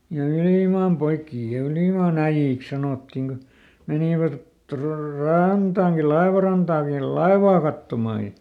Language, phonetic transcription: Finnish, ja ˈylìmaam poikkii ja ˈylìmàn ‿äijjìks ˈsanòttiŋ Go , ˈmenivät tro- ˈrantaaŋki "laevarantaaŋkil̆ ˈlaevaa kattomà ja ,.
- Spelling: ja ylimaan poikia ja ylimaan äijiksi sanottiin kun menivät - rantaankin laivarantaankin laivaa katsomaan ja

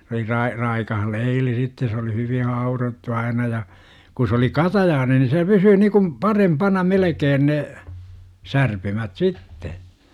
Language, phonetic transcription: Finnish, s ‿oli 'rai- , raikah "leili sitte se oli hyvin̬ 'haurottu 'aina ja , ku s ‿oli "katajaane ni se 'pysyy nikum , "parempana "melekeen 'ne , 'särpymät "sitte .
- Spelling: se oli - raikas leili sitten se oli hyvin haudottu aina ja kun se oli katajainen niin se pysyy niin kuin parempana melkein ne särpymät sitten

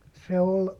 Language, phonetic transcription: Finnish, se ol ,.
- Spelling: se oli

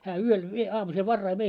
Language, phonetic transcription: Finnish, hää 'yöl vie 'aamusel "varrai vei .
- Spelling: hän yöllä vie aamusella varhain vei

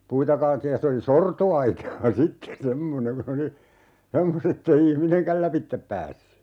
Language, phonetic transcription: Finnish, 'puita kaalettiij ja 'se oli "sorto₍aitaa "sitte 'semmoneŋ kun ‿oli , 'semmos(t) ‿ettei "ihmineŋkäl 'läpittep päässy .
- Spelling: puita kaadettiin ja se oli sortoaitaa sitten semmoinen kun oli semmoista että ei ihminenkään lävitse päässyt

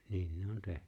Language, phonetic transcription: Finnish, niin ne 'on 'tehnʏ .
- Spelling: niin ne on tehnyt

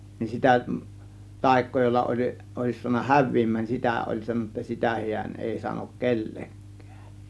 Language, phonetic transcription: Finnish, nin 'sitä , 'tàėk̆koo jolla oĺ , òės suan̆na "häv̆viim̆mään nin 'sitä̀ ˀoĺ sanon̆na "sitä hi̬än èi sanok "kelleŋk̆kÄÄ .
- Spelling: niin sitä taikaa jolla oli olisi saanut häviämään niin sitä oli sanonut sitä hän ei sano kenellekään

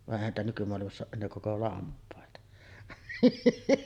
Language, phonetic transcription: Finnish, va’ '’èihän niitä nykymoalimass ‿ooˀ ˀennee 'koko "lamp̀àeta .
- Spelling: vaan eihän niitä nykymaailmassa ole enää koko lampaita

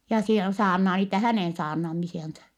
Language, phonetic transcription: Finnish, ja (siel) saarnaa niitä hänèn saarnamisiansa . »
- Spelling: ja siellä saarnaa niitä hänen saarnaamisiaan

